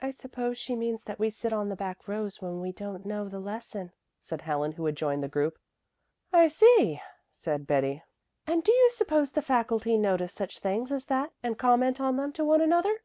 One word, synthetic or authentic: authentic